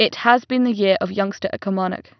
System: none